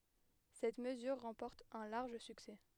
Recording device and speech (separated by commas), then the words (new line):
headset microphone, read sentence
Cette mesure remporte un large succès.